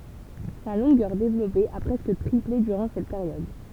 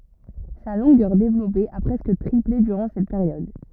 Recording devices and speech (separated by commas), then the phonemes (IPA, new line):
temple vibration pickup, rigid in-ear microphone, read sentence
sa lɔ̃ɡœʁ devlɔpe a pʁɛskə tʁiple dyʁɑ̃ sɛt peʁjɔd